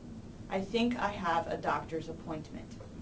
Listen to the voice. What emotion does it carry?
neutral